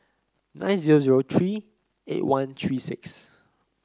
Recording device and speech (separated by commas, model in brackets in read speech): close-talking microphone (WH30), read sentence